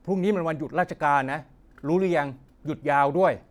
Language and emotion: Thai, frustrated